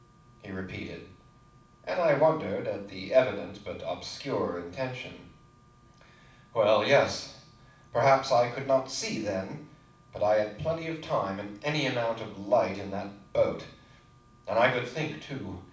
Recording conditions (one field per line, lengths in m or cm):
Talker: one person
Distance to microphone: 5.8 m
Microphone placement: far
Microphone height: 1.8 m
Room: medium-sized (5.7 m by 4.0 m)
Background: none